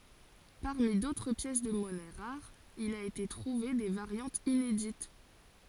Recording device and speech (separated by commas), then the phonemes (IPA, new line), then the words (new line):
forehead accelerometer, read sentence
paʁmi dotʁ pjɛs də mɔnɛ ʁaʁz il a ete tʁuve de vaʁjɑ̃tz inedit
Parmi d'autres pièces de monnaie rares il a été trouvé des variantes inédites.